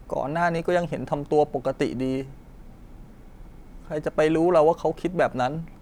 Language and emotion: Thai, sad